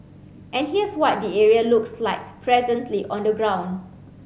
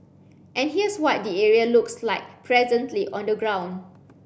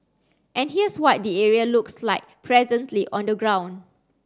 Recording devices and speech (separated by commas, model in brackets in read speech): mobile phone (Samsung C7), boundary microphone (BM630), standing microphone (AKG C214), read sentence